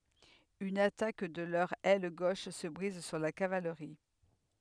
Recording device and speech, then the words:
headset microphone, read sentence
Une attaque de leur aile gauche se brise sur la cavalerie.

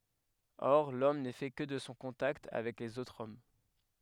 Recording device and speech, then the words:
headset microphone, read sentence
Or l'homme n'est fait que de son contact avec les autres hommes.

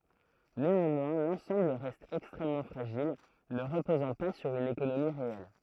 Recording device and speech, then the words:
throat microphone, read sentence
Néanmoins, l'ensemble reste extrêmement fragile, ne reposant pas sur une économie réelle.

